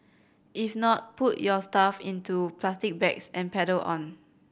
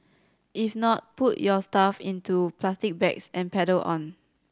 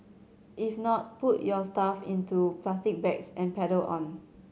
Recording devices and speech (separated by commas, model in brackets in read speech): boundary microphone (BM630), standing microphone (AKG C214), mobile phone (Samsung C7100), read sentence